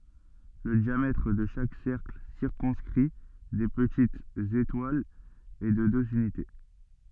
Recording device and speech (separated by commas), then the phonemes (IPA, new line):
soft in-ear microphone, read sentence
lə djamɛtʁ də ʃak sɛʁkl siʁkɔ̃skʁi de pətitz etwalz ɛ də døz ynite